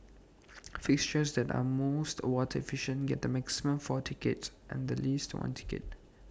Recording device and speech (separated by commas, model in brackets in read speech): standing microphone (AKG C214), read sentence